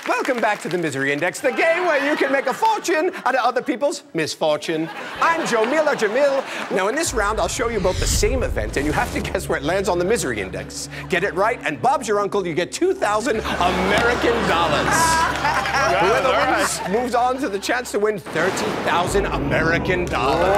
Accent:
High-pitched British accent